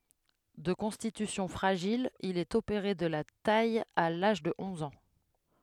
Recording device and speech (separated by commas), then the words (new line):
headset microphone, read sentence
De constitution fragile, il est opéré de la taille à l'âge de onze ans.